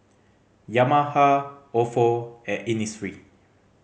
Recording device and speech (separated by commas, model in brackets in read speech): mobile phone (Samsung C5010), read sentence